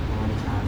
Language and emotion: Thai, neutral